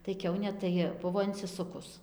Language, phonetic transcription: Lithuanian, tai ˈkiaunė tai ˈbuvo insiˈsukus

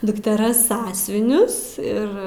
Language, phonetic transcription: Lithuanian, dukteˈras ˈsąsiuvinius ˈir

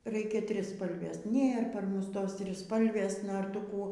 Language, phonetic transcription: Lithuanian, ˈreikia ˈtrispalvės ˈnėr par ˈmus ˈtos triˈspalvės ˈnor ˈtu ˈkų

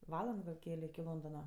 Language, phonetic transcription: Lithuanian, ˈvaland gal ˈkele iki ˈlondona

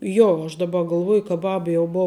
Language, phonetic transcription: Lithuanian, ˈjo aš daˈba galˈvuoj ka ˈbab jau ˈbou

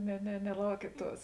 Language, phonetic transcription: Lithuanian, ne ne neˈlaukiet ˈtuos

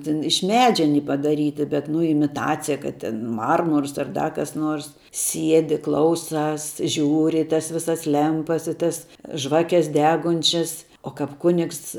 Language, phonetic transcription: Lithuanian, ˈtin iš ˈmedžia aˈny padaˈryti bet nu imiˈtacija ˈkad ten ˈmarmurs ar ˈda kas ˈnors ˈsiedi ˈklauˌsās ˈžiūri i tas ˈvisas ˈlempas i ˈtas ˈžvakes ˈdegunčias o kap ˈkunigs

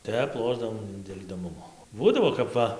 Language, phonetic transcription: Lithuanian, ˈtep ˈlošdavom dėl' idoˈmumo ˈbūdavo kap ˈva

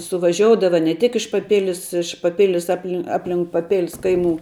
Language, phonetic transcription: Lithuanian, suvaˈžioudava ne tik iš paˈpilis iš paˈpilis ˈapli ˈaplink paˈpilis ˈkaiˌmų

